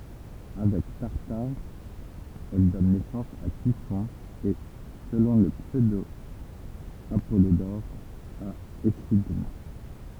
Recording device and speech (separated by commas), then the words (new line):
temple vibration pickup, read sentence
Avec Tartare, elle donne naissance à Typhon et, selon le pseudo-Apollodore, à Échidna.